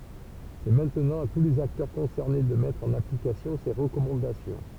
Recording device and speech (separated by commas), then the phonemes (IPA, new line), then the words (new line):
temple vibration pickup, read sentence
sɛ mɛ̃tnɑ̃ a tu lez aktœʁ kɔ̃sɛʁne də mɛtʁ ɑ̃n aplikasjɔ̃ se ʁəkɔmɑ̃dasjɔ̃
C'est maintenant à tous les acteurs concernés de mettre en application ces recommandations.